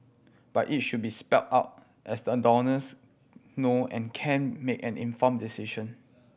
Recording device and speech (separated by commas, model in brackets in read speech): boundary microphone (BM630), read sentence